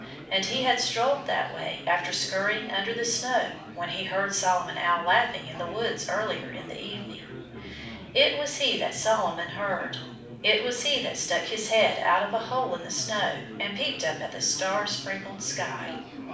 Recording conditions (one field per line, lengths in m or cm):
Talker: one person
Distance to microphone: 5.8 m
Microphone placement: far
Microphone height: 1.8 m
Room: medium-sized (5.7 m by 4.0 m)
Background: babble